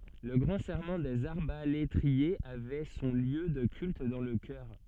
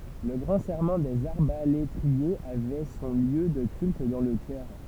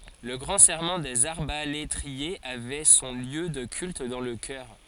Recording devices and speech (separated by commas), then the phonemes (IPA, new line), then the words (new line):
soft in-ear microphone, temple vibration pickup, forehead accelerometer, read sentence
lə ɡʁɑ̃ sɛʁmɑ̃ dez aʁbaletʁiez avɛ sɔ̃ ljø də kylt dɑ̃ lə kœʁ
Le Grand Serment des arbalétriers avait son lieu de culte dans le chœur.